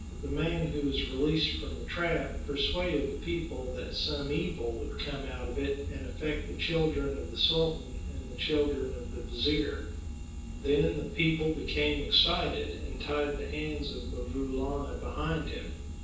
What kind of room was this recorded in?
A spacious room.